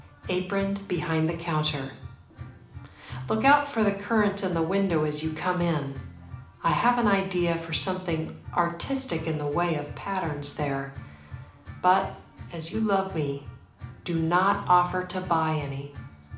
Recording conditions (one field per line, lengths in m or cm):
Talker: one person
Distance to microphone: 2.0 m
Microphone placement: close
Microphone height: 99 cm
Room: medium-sized (5.7 m by 4.0 m)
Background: music